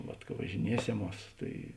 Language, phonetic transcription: Lithuanian, ˈvat ka važiˈnieseˌmuos tai

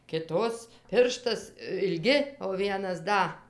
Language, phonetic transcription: Lithuanian, kiˈtos ˈpirštas ilˈgi o ˈvienas ˈda

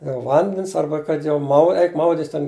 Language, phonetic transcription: Lithuanian, jau ˈvandens ˈarba kad jau ˈmau ˈeik ˈmaudit's' ten

